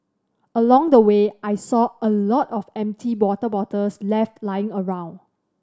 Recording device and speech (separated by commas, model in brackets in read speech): standing microphone (AKG C214), read sentence